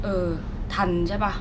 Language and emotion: Thai, neutral